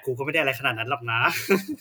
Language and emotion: Thai, happy